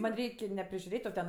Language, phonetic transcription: Lithuanian, ˈman' ˈreik' ne prižiuˈrėt' o ˈten

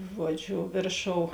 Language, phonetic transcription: Lithuanian, ˈžuoˌdžiu ˈvėrˌšou

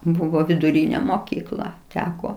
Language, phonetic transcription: Lithuanian, ˈbūvo viduˈryne moˈkykla ˈteko

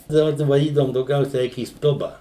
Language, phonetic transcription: Lithuanian, daˈba da vaˈdydavum dauˈgiausia ˈeik į ˈstuba

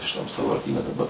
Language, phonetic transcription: Lithuanian, šiˈtam sąvarˈtyne daˈba

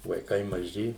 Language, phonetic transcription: Lithuanian, vaiˈkai maˈži

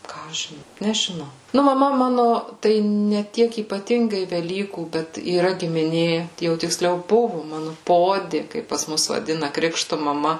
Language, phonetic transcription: Lithuanian, ˈką aš žin nežiˈnau ˈnu maˈma ˈmanu ˈtai ne ˈtiek ypaˈtingai veˈlykų ˈbet yˈra gimiˈnė jau tikˈsliau ˈbuvu ˈmanu ˈpodi ˈkaip pas ˈmus vaˈdina ˈkrikštu maˈma

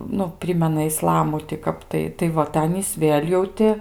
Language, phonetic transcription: Lithuanian, ˈnu ˈprimena iˈslamu ti ˈkap tai tai ˈva tai ˈanys ˈvėl' jau ˈti

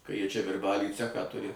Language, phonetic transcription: Lithuanian, ka ˈjie ˈčia virˈbaly ˈcechą ˈturi

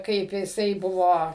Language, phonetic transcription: Lithuanian, ˈkaip jiˈsai ˈbuvo

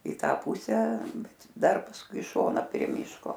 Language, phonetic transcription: Lithuanian, i ˈtą ˈpusę ˈbet ˈdar pasˈkui i ˈšona prie ˈmyško

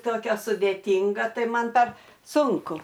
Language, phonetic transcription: Lithuanian, ˈtokia sudėˈtinga ˈtai ˈman par ˈsunku

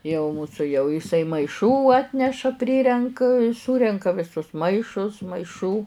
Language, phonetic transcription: Lithuanian, jau ˈmūsu jau iˈsai maiˈšų ˈatneša ˈprirenk ˈsūrenka viˈsus ˈmaišus maiˈšų

